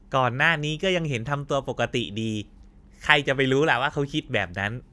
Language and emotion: Thai, happy